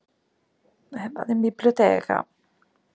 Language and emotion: Italian, sad